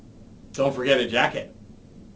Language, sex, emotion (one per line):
English
male
neutral